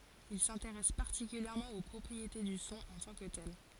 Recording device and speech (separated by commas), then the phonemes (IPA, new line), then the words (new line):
forehead accelerometer, read sentence
il sɛ̃teʁɛs paʁtikyljɛʁmɑ̃ o pʁɔpʁiete dy sɔ̃ ɑ̃ tɑ̃ kə tɛl
Il s'intéresse particulièrement aux propriétés du son en tant que tel.